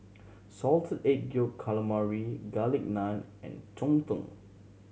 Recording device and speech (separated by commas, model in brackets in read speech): mobile phone (Samsung C7100), read sentence